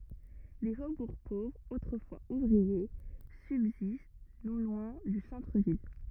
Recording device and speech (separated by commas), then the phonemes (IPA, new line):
rigid in-ear microphone, read sentence
de fobuʁ povʁz otʁəfwaz uvʁie sybzist nɔ̃ lwɛ̃ dy sɑ̃tʁəvil